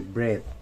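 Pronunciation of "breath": The word is said as 'breath' instead of 'breathe', which is an incorrect pronunciation here.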